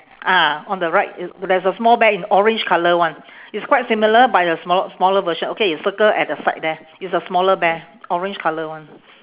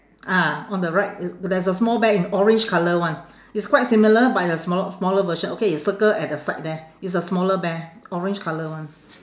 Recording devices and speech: telephone, standing microphone, conversation in separate rooms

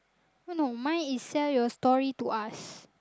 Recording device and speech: close-talking microphone, conversation in the same room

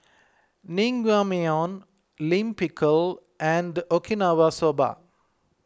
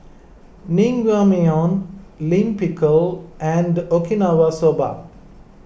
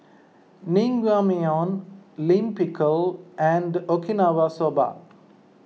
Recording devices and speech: close-talking microphone (WH20), boundary microphone (BM630), mobile phone (iPhone 6), read sentence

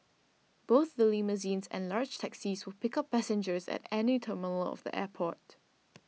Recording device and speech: mobile phone (iPhone 6), read sentence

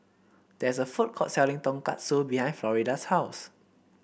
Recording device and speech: boundary microphone (BM630), read sentence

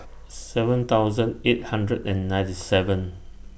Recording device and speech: boundary microphone (BM630), read sentence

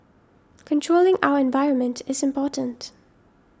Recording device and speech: standing microphone (AKG C214), read sentence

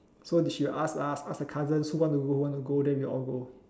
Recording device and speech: standing microphone, conversation in separate rooms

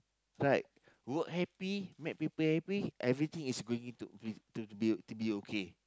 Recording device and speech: close-talking microphone, conversation in the same room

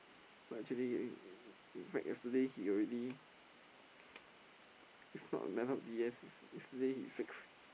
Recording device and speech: boundary microphone, conversation in the same room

